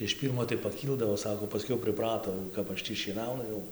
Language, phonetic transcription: Lithuanian, iš ˈpyrmo tai paˈkyldavo ˈsako paˈskiau priˈprato jau ˈkap ˈaš ˈtį šieˈnaunu ˈjau

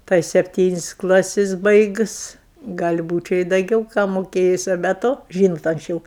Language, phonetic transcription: Lithuanian, tai sepˈtynis' ˈklasis ˈbaigus ˈgal' ˈbūčia i daˈgiau ką moˈkėjus o be ˈto ˈžynot anksˈčiau

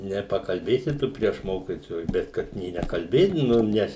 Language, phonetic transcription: Lithuanian, nepakalˈbėsi ˈtu prieš ˈmokitojus ˈbet ˈkad nė nekalˈbėdinom ˈnes

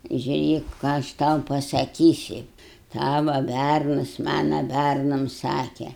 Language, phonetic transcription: Lithuanian, žiuˈrėk ką aš ˈtau pasaˈkysi ˈtava ˈbærnas ˈmana ˈbærnam ˈsake

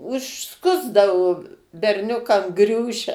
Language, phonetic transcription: Lithuanian, užˈskusdavu berˈniukam ˈgriūšia

